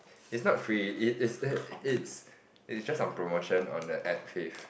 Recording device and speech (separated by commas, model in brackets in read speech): boundary microphone, conversation in the same room